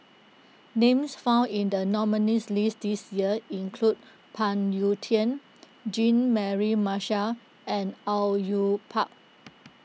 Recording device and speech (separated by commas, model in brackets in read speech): mobile phone (iPhone 6), read sentence